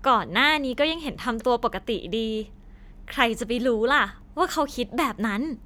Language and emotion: Thai, happy